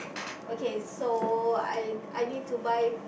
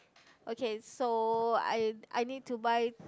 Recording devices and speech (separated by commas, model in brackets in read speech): boundary microphone, close-talking microphone, conversation in the same room